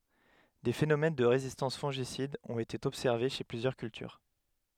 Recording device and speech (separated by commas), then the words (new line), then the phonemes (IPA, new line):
headset microphone, read sentence
Des phénomènes de résistance fongicides ont été observés chez plusieurs cultures.
de fenomɛn də ʁezistɑ̃s fɔ̃ʒisidz ɔ̃t ete ɔbsɛʁve ʃe plyzjœʁ kyltyʁ